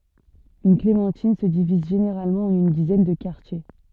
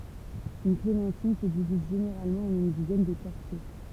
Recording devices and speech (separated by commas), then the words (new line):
soft in-ear microphone, temple vibration pickup, read sentence
Une clémentine se divise généralement en une dizaine de quartiers.